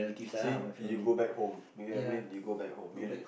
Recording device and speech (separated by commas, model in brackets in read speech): boundary microphone, conversation in the same room